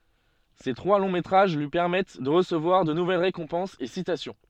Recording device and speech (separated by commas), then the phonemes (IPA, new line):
soft in-ear microphone, read sentence
se tʁwa lɔ̃ metʁaʒ lyi pɛʁmɛt də ʁəsəvwaʁ də nuvɛl ʁekɔ̃pɑ̃sz e sitasjɔ̃